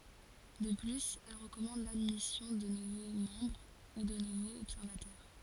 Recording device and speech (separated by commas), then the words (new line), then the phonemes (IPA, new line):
forehead accelerometer, read sentence
De plus, elle recommande l'admission de nouveaux membres, ou de nouveaux observateurs.
də plyz ɛl ʁəkɔmɑ̃d ladmisjɔ̃ də nuvo mɑ̃bʁ u də nuvoz ɔbsɛʁvatœʁ